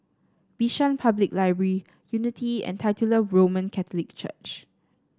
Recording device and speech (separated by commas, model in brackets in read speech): standing microphone (AKG C214), read sentence